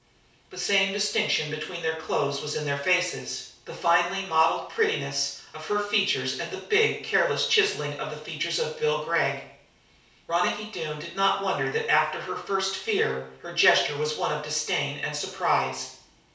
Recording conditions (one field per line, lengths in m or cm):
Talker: one person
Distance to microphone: 3.0 m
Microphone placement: far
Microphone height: 1.8 m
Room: small (3.7 m by 2.7 m)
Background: none